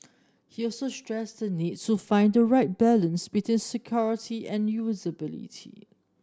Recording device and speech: standing microphone (AKG C214), read sentence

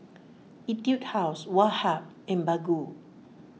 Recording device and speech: mobile phone (iPhone 6), read sentence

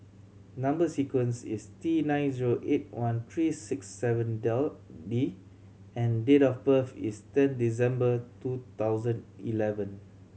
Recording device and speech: mobile phone (Samsung C7100), read sentence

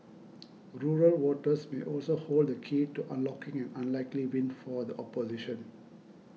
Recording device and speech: mobile phone (iPhone 6), read sentence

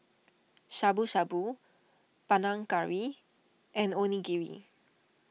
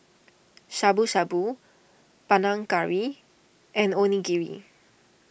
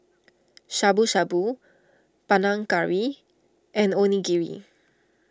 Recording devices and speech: mobile phone (iPhone 6), boundary microphone (BM630), standing microphone (AKG C214), read sentence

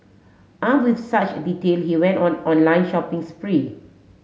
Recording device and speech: mobile phone (Samsung S8), read sentence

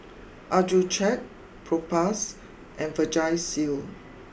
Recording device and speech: boundary microphone (BM630), read sentence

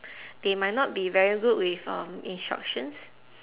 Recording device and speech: telephone, conversation in separate rooms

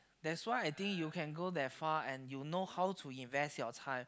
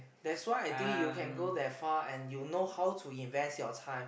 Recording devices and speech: close-talking microphone, boundary microphone, conversation in the same room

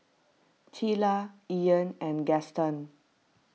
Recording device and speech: mobile phone (iPhone 6), read sentence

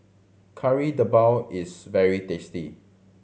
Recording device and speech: mobile phone (Samsung C7100), read sentence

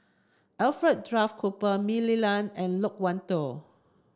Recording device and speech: standing microphone (AKG C214), read sentence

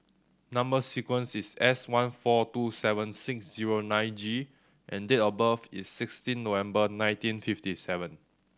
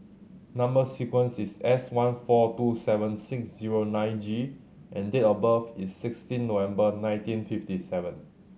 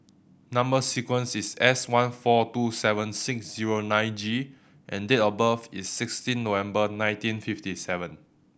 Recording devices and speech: standing microphone (AKG C214), mobile phone (Samsung C7100), boundary microphone (BM630), read sentence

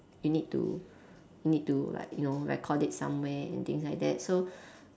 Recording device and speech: standing microphone, conversation in separate rooms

